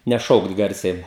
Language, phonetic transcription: Lithuanian, neˈšaukt ˈgarsiai

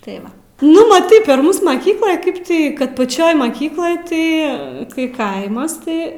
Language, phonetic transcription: Lithuanian, tai ˈva ˈnu maˈtai per ˈmūs maˈkykloj ˈkaip ˈtį kad paˈčioj maˈkykloj ˈtai kai ˈkaimas ˈtai

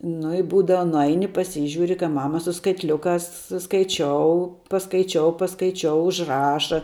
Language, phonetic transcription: Lithuanian, nu i ˈbūdava nuˈaini paˈsyžiūri kai ˈmama su skaitˈliukās skaiˈčiou paskaiˈčiou paskaiˈčiou užˈraša

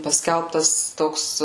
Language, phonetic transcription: Lithuanian, paˈskelbtas ˈtoks

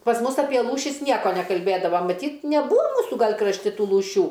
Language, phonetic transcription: Lithuanian, pas ˈmus ˈapie ˈlūšis ˈnieko nekalˈbėdava maˈtyt neˈbūa ˈmūsu ˈgal' krašˈti ˈtų lūˈšių

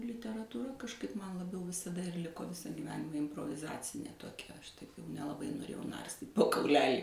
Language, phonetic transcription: Lithuanian, literatūˈra kažˈkaip ˈman laˈbiau visaˈda ir ˈliko ˈvisa gyˈvenima improviˈzacinė toˈkia ˈaš tai nelaˈbai noˈrėjau ˈnarstyt' po kauˈlelį

